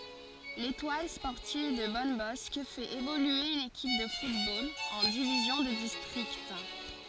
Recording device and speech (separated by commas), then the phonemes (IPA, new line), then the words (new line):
forehead accelerometer, read sentence
letwal spɔʁtiv də bɔnbɔsk fɛt evolye yn ekip də futbol ɑ̃ divizjɔ̃ də distʁikt
L'Étoile sportive de Bonnebosq fait évoluer une équipe de football en division de district.